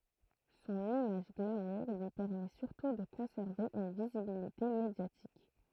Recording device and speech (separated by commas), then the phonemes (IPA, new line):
throat microphone, read sentence
sɔ̃n imaʒ ɡlamuʁ lyi pɛʁmɛ syʁtu də kɔ̃sɛʁve yn vizibilite medjatik